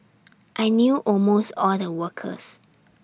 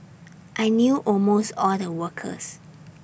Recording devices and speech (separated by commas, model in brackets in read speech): standing microphone (AKG C214), boundary microphone (BM630), read sentence